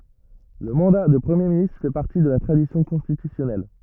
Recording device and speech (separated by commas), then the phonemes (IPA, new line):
rigid in-ear microphone, read sentence
lə mɑ̃da də pʁəmje ministʁ fɛ paʁti də la tʁadisjɔ̃ kɔ̃stitysjɔnɛl